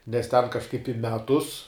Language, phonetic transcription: Lithuanian, nes ten kažˈkaip i ˈmetus

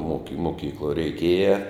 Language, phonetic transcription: Lithuanian, moki moˈkykluo reiˈkėja

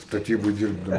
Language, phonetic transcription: Lithuanian, staˈtybu ˈdyrbdau

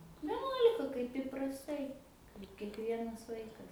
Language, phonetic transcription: Lithuanian, veˈnuolika kaip iprasˈtai ir kiekˈvienas ˈvaikas

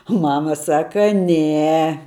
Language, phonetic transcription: Lithuanian, u ˈmama ˈsaka ˈne

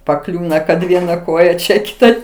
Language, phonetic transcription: Lithuanian, paˈkliūna kad ˈviena ˈkoja ˈčia ˈkita

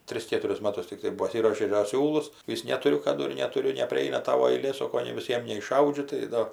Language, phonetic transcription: Lithuanian, ˈtris ˈkėturis ˈmatus tikˈtai paˈsiruošė da ˈsiūlus ˈvis netuˈriu kaˈdu ir netuˈriu nepriˈaina ˈtavo aiˈlė ˈsoko nei viˈsiem neišˈaudžiu tai ˈdo

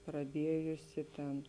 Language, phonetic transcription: Lithuanian, praˈdiejusi ˈten

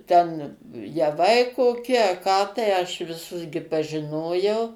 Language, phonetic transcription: Lithuanian, ˈten jaˈvai koˈki a ką tai aš viˈsus gi pažiˈnojau

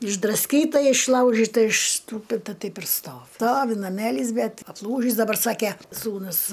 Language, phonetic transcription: Lithuanian, išdrasˈkyta išˈlaužita išsˈtūpita ˈtaip ir ˈstovi ˈstovi naˈmelys ˈbet apˈlūžįs daˈbar ˈsake ˈsūnus

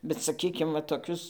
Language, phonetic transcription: Lithuanian, bet saˈkykim va toˈkius

